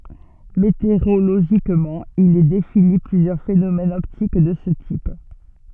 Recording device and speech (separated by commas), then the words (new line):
soft in-ear microphone, read sentence
Météorologiquement, il est défini plusieurs phénomènes optiques de ce type.